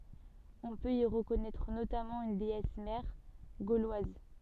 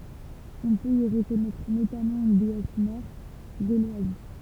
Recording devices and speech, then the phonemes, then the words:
soft in-ear microphone, temple vibration pickup, read sentence
ɔ̃ pøt i ʁəkɔnɛtʁ notamɑ̃ yn deɛs mɛʁ ɡolwaz
On peut y reconnaître notamment une déesse mère gauloise.

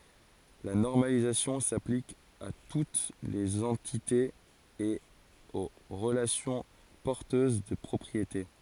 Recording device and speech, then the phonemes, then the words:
forehead accelerometer, read sentence
la nɔʁmalizasjɔ̃ saplik a tut lez ɑ̃titez e o ʁəlasjɔ̃ pɔʁtøz də pʁɔpʁiete
La normalisation s’applique à toutes les entités et aux relations porteuses de propriétés.

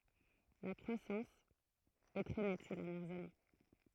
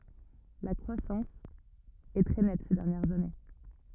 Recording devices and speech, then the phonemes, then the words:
throat microphone, rigid in-ear microphone, read sentence
la kʁwasɑ̃s ɛ tʁɛ nɛt se dɛʁnjɛʁz ane
La croissance est très nette ces dernières années.

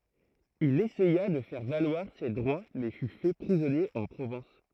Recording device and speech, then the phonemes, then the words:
throat microphone, read sentence
il esɛja də fɛʁ valwaʁ se dʁwa mɛ fy fɛ pʁizɔnje ɑ̃ pʁovɑ̃s
Il essaya de faire valoir ses droits, mais fut fait prisonnier en Provence.

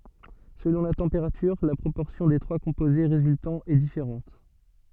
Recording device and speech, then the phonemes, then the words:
soft in-ear microphone, read sentence
səlɔ̃ la tɑ̃peʁatyʁ la pʁopɔʁsjɔ̃ de tʁwa kɔ̃poze ʁezyltɑ̃z ɛ difeʁɑ̃t
Selon la température, la proportion des trois composés résultants est différente.

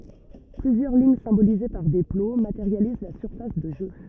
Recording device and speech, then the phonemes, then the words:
rigid in-ear microphone, read sentence
plyzjœʁ liɲ sɛ̃bolize paʁ de plo mateʁjaliz la syʁfas də ʒø
Plusieurs lignes symbolisées par des plots, matérialisent la surface de jeu.

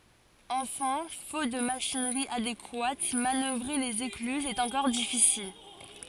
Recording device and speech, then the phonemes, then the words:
forehead accelerometer, read sentence
ɑ̃fɛ̃ fot də maʃinʁi adekwat manœvʁe lez eklyzz ɛt ɑ̃kɔʁ difisil
Enfin, faute de machinerie adéquate, manœuvrer les écluses est encore difficile.

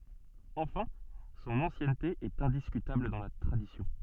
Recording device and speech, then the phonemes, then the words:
soft in-ear microphone, read sentence
ɑ̃fɛ̃ sɔ̃n ɑ̃sjɛnte ɛt ɛ̃diskytabl dɑ̃ la tʁadisjɔ̃
Enfin, son ancienneté est indiscutable dans la tradition.

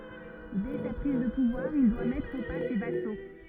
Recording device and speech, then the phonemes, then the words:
rigid in-ear microphone, read sentence
dɛ sa pʁiz də puvwaʁ il dwa mɛtʁ o pa se vaso
Dès sa prise de pouvoir, il doit mettre au pas ses vassaux.

